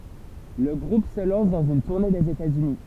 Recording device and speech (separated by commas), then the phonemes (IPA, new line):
temple vibration pickup, read sentence
lə ɡʁup sə lɑ̃s dɑ̃z yn tuʁne dez etatsyni